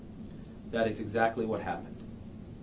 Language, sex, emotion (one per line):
English
male
neutral